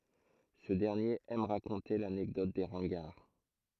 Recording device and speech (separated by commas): throat microphone, read sentence